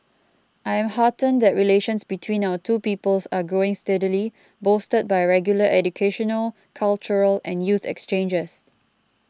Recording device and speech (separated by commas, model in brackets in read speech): close-talking microphone (WH20), read sentence